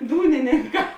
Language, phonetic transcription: Lithuanian, ˈdūnininˌkā

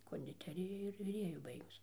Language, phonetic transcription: Lithuanian, kondiˈterija ir viˈrėju ˈbaigus

